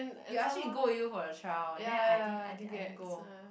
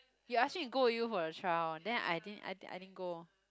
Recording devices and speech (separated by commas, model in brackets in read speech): boundary microphone, close-talking microphone, conversation in the same room